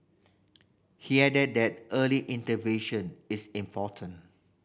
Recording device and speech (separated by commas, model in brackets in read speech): boundary microphone (BM630), read sentence